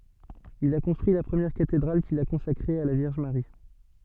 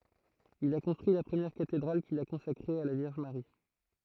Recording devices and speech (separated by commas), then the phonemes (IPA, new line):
soft in-ear microphone, throat microphone, read sentence
il a kɔ̃stʁyi la pʁəmjɛʁ katedʁal kil a kɔ̃sakʁe a la vjɛʁʒ maʁi